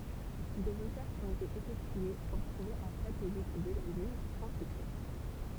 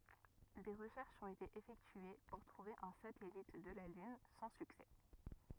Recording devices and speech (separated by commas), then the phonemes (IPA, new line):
temple vibration pickup, rigid in-ear microphone, read sentence
de ʁəʃɛʁʃz ɔ̃t ete efɛktye puʁ tʁuve œ̃ satɛlit də la lyn sɑ̃ syksɛ